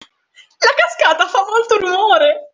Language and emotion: Italian, happy